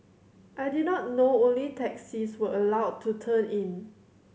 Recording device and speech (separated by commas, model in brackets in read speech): mobile phone (Samsung C7100), read sentence